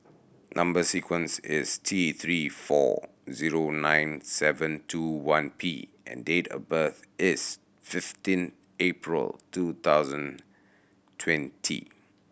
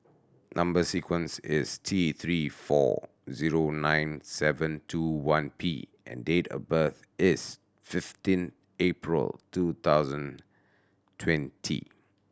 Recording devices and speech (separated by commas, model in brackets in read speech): boundary microphone (BM630), standing microphone (AKG C214), read sentence